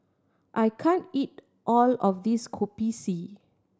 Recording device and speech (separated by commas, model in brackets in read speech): standing microphone (AKG C214), read sentence